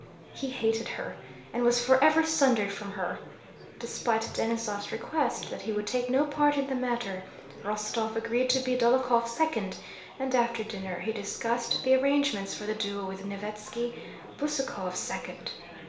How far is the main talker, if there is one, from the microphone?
1.0 m.